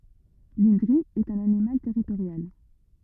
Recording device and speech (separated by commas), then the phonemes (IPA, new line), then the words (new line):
rigid in-ear microphone, read sentence
lɛ̃dʁi ɛt œ̃n animal tɛʁitoʁjal
L’indri est un animal territorial.